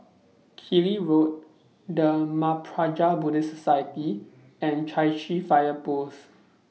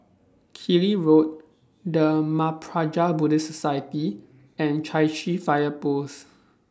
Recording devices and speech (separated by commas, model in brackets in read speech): mobile phone (iPhone 6), standing microphone (AKG C214), read sentence